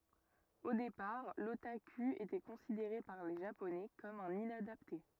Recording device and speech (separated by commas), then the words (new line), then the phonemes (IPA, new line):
rigid in-ear microphone, read sentence
Au départ, l'otaku était considéré par les Japonais comme un inadapté.
o depaʁ lotaky etɛ kɔ̃sideʁe paʁ le ʒaponɛ kɔm œ̃n inadapte